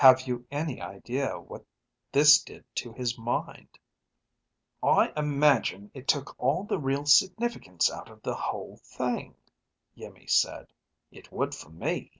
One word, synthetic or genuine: genuine